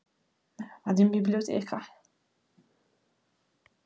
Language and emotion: Italian, fearful